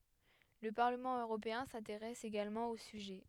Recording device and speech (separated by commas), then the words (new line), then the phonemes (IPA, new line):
headset microphone, read sentence
Le Parlement européen s'intéresse également au sujet.
lə paʁləmɑ̃ øʁopeɛ̃ sɛ̃teʁɛs eɡalmɑ̃ o syʒɛ